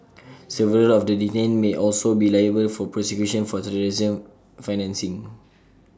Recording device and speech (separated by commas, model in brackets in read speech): standing microphone (AKG C214), read sentence